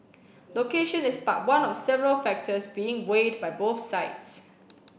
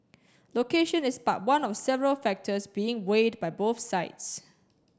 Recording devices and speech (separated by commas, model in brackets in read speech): boundary microphone (BM630), standing microphone (AKG C214), read sentence